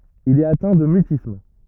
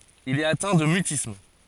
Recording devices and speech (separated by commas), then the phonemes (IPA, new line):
rigid in-ear microphone, forehead accelerometer, read sentence
il ɛt atɛ̃ də mytism